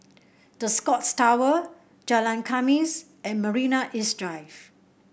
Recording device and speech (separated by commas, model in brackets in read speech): boundary microphone (BM630), read sentence